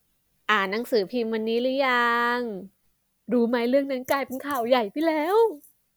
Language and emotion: Thai, happy